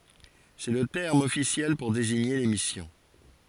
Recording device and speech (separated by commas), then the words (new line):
forehead accelerometer, read sentence
C'est le terme officiel pour désigner les missions.